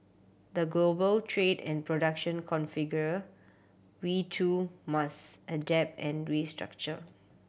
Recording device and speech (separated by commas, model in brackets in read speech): boundary microphone (BM630), read sentence